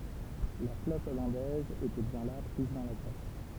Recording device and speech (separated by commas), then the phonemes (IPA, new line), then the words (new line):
temple vibration pickup, read sentence
la flɔt ɔlɑ̃dɛz etɛ bjɛ̃ la pʁiz dɑ̃ la ɡlas
La flotte hollandaise était bien là, prise dans la glace.